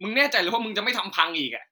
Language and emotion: Thai, angry